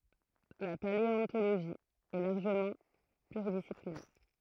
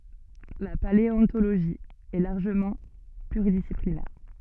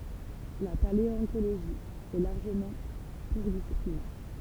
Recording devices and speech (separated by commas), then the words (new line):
throat microphone, soft in-ear microphone, temple vibration pickup, read sentence
La paléontologie est largement pluridisciplinaire.